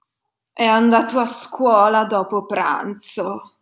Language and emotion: Italian, disgusted